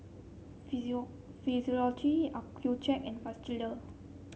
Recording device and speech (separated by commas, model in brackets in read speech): mobile phone (Samsung C7), read sentence